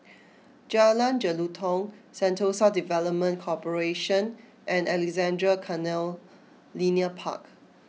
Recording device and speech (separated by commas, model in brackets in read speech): mobile phone (iPhone 6), read sentence